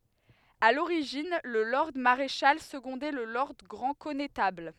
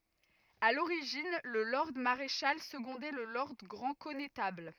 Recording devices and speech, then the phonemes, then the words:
headset microphone, rigid in-ear microphone, read sentence
a loʁiʒin lə lɔʁd maʁeʃal səɡɔ̃dɛ lə lɔʁd ɡʁɑ̃ kɔnetabl
À l'origine, le lord maréchal secondait le lord grand connétable.

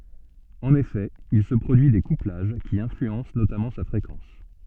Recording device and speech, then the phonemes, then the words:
soft in-ear microphone, read sentence
ɑ̃n efɛ il sə pʁodyi de kuplaʒ ki ɛ̃flyɑ̃s notamɑ̃ sa fʁekɑ̃s
En effet, il se produit des couplages, qui influencent notamment sa fréquence.

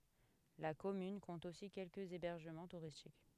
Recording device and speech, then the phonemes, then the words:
headset microphone, read sentence
la kɔmyn kɔ̃t osi kɛlkəz ebɛʁʒəmɑ̃ tuʁistik
La commune compte aussi quelques hébergements touristiques.

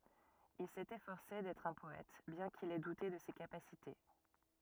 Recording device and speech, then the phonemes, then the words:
rigid in-ear microphone, read sentence
il sɛt efɔʁse dɛtʁ œ̃ pɔɛt bjɛ̃ kil ɛ dute də se kapasite
Il s'est efforcé d'être un poète, bien qu'il ait douté de ses capacités.

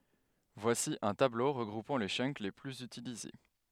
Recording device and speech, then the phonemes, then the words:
headset microphone, read sentence
vwasi œ̃ tablo ʁəɡʁupɑ̃ le tʃœnk le plyz ytilize
Voici un tableau regroupant les chunks les plus utilisés.

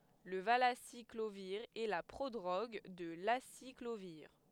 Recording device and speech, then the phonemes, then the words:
headset microphone, read sentence
lə valasikloviʁ ɛ la pʁodʁoɡ də lasikloviʁ
Le valaciclovir est la prodrogue de l'aciclovir.

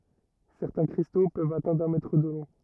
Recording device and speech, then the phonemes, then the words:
rigid in-ear microphone, read sentence
sɛʁtɛ̃ kʁisto pøvt atɛ̃dʁ œ̃ mɛtʁ də lɔ̃
Certains cristaux peuvent atteindre un mètre de long.

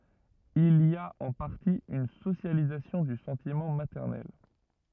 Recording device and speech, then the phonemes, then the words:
rigid in-ear microphone, read sentence
il i a ɑ̃ paʁti yn sosjalizasjɔ̃ dy sɑ̃timɑ̃ matɛʁnɛl
Il y a en partie une socialisation du sentiment maternel.

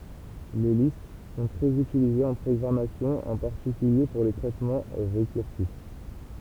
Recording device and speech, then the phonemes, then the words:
temple vibration pickup, read sentence
le list sɔ̃ tʁɛz ytilizez ɑ̃ pʁɔɡʁamasjɔ̃ ɑ̃ paʁtikylje puʁ le tʁɛtmɑ̃ ʁekyʁsif
Les listes sont très utilisées en programmation, en particulier pour les traitements récursifs.

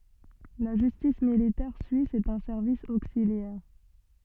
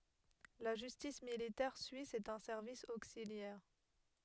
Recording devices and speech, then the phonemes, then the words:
soft in-ear microphone, headset microphone, read sentence
la ʒystis militɛʁ syis ɛt œ̃ sɛʁvis oksiljɛʁ
La Justice militaire suisse est un service auxiliaire.

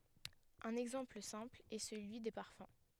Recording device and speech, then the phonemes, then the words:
headset microphone, read sentence
œ̃n ɛɡzɑ̃pl sɛ̃pl ɛ səlyi de paʁfœ̃
Un exemple simple est celui des parfums.

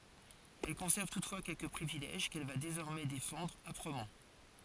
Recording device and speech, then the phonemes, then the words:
forehead accelerometer, read sentence
ɛl kɔ̃sɛʁv tutfwa kɛlkə pʁivilɛʒ kɛl va dezɔʁmɛ defɑ̃dʁ apʁəmɑ̃
Elle conserve toutefois quelques privilèges qu’elle va désormais défendre âprement.

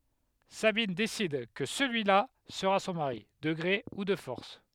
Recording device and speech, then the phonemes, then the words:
headset microphone, read sentence
sabin desid kə səlyila səʁa sɔ̃ maʁi də ɡʁe u də fɔʁs
Sabine décide que celui-là sera son mari, de gré ou de force…

